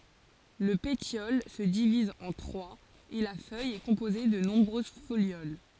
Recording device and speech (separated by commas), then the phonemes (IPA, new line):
forehead accelerometer, read sentence
lə petjɔl sə diviz ɑ̃ tʁwaz e la fœj ɛ kɔ̃poze də nɔ̃bʁøz foljol